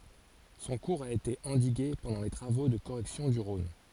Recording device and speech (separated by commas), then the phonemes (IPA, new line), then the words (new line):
forehead accelerometer, read sentence
sɔ̃ kuʁz a ete ɑ̃diɡe pɑ̃dɑ̃ le tʁavo də koʁɛksjɔ̃ dy ʁɔ̃n
Son cours a été endigué pendant les travaux de correction du Rhône.